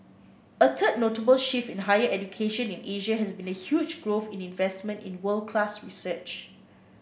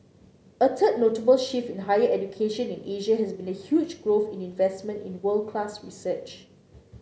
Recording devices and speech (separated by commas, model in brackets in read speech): boundary microphone (BM630), mobile phone (Samsung C9), read sentence